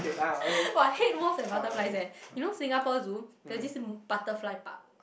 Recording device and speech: boundary microphone, conversation in the same room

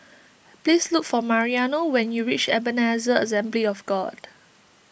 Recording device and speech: boundary microphone (BM630), read sentence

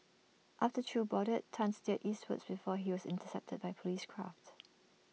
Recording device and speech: mobile phone (iPhone 6), read sentence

